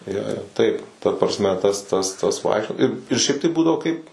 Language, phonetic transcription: Lithuanian, ˈjo jo ˈtaip ta prasˈme ˈtas tas ˈtas ˈvaikščio ir ir ˈšiaip tai ˈbūdavo kaip

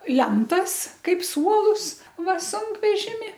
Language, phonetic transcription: Lithuanian, ˈlentas ˈkaip ˈsuolus ˈva ˈsunkvežimi

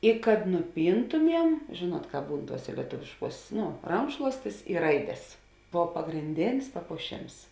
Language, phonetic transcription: Lithuanian, i kad nuˈpyntumiem ˈžėˌnuot ˈkāp ˈbūn ˈtuosė lieˈtuvišˌkuos ˈno ˈrankšluostis i ˈraides ˈbov pagrinˈdėnis papuoˈšėms

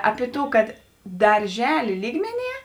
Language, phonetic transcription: Lithuanian, ˈapi ˈtų ˈkad darˈželė ˈlygmeˌnie

